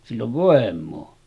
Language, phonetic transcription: Finnish, sill ‿ov 'vòem̆moo .
- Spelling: sillä on voimaa

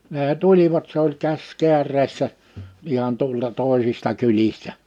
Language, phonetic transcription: Finnish, nee 'tulivat se ‿oĺ 'käs 'keär̀eessä , ihan tᵁolta 'tòisista 'kylistä .
- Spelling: ne tulivat se oli käsi kääreessä ihan tuolta toisista kylistä

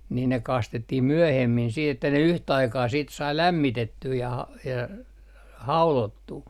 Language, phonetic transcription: Finnish, nii ne 'kastettih "myöhemmin siit ‿että ne 'yhtä 'aikaa siit sai "lämmitettyy ja ha- , ja - 'haulottuu .
- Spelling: niin ne kastettiin myöhemmin sitten että ne yhtä aikaa sitten sai lämmitettyä ja - - haudottua

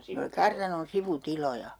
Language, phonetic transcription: Finnish, ne oli 'kartanon 'sivu"tiloja .
- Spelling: ne oli kartanon sivutiloja

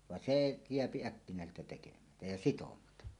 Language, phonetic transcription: Finnish, van "see , 'jeäpi 'äkkinä̀eseltä tekemätä , ja "sitomata .
- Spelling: vaan se jää äkkinäiseltä tekemättä ja sitomatta

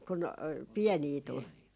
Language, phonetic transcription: Finnish, kun , "piɛnii 'tul ?
- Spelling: kun pieniä tuli

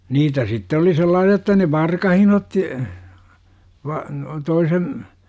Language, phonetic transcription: Finnish, niitä sitte oli 'sellaasi₍a jotta ne "varkahin otti , va- , 'toisen ,.
- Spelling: niitä sitten oli sellaisia jotta ne varkain otti - toisen

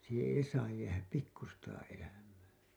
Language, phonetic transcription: Finnish, siiheḛ 'ei saaj jäähäp "pikkustaa '’eläm̀ää .
- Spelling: siihen ei saa jäädä pikkuistakaan elämää

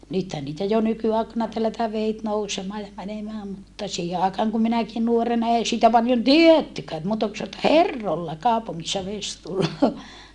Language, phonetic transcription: Finnish, nythän niitä jo nyky₍àekana tellätää veit nousemaa ja mänemää mutta , siihe àekaaŋ kum minäkin nuorena ei siitä paljon tiettykää et muuta ku satä » herrolla kàopuŋŋissa ves tulloo » .
- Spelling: nythän niitä jo nykyaikana tellätään vedet nousemaan ja menemään mutta siihen aikaan kun minäkin nuorena ei siitä paljon tiedettykään että muuta kuin sanottiin että herroilla kaupungissa vesi tulee

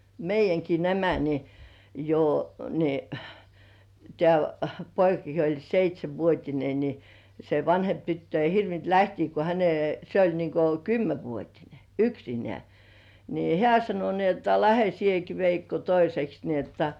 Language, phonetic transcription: Finnish, 'meij̆§jäŋki nämä ni , jo , ni , tĕä̀§ , 'poikaki jo oĺ "seit́śevvuot́ine ni , se 'vanhemp tyttö ei 'hirvint "lähtii ko häne- , se oĺ niŋko "kymmevuotine , "yksinĕä̀ , nii "hĕä̀ sano ni ‿otta "lähe "sieki "Veikko 'toiseks ni ‿otta .
- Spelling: meidänkin nämä niin jo niin tämä poikakin jo oli seitsenvuotinen niin se vanhempi tyttö ei hirvinnyt lähteä kun - se oli niin kuin kymmenvuotinen yksinään niin hän sanoi niin jotta lähde sinäkin Veikko toiseksi niin jotta

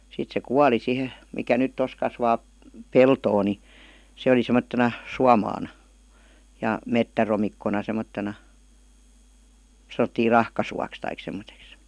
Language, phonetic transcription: Finnish, sit se "kuali sihe , 'mikä nyt "tos kasvaa , "peltoo ni , 'se oli semmot-tena , "suamaana , ja "mettäromikkona 'semottena , 'saⁿ̬ottii "rahkasuaks taik sem̆moteks .
- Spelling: sitten se kuoli siihen mikä nyt tuossa kasvaa peltoa niin se oli semmoisena suomaana ja metsäromikkona semmoisena sanottiin rahkasuoksi tai semmoiseksi

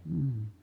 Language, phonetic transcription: Finnish, hmm .
- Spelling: mm

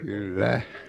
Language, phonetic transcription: Finnish, kyl"lä .
- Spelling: kyllä

